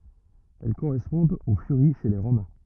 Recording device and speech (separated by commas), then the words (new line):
rigid in-ear microphone, read sentence
Elles correspondent aux Furies chez les Romains.